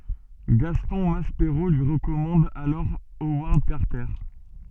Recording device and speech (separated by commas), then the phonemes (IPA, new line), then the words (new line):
soft in-ear microphone, read sentence
ɡastɔ̃ maspeʁo lyi ʁəkɔmɑ̃d alɔʁ owaʁd kaʁtɛʁ
Gaston Maspero lui recommande alors Howard Carter.